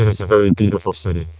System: VC, vocoder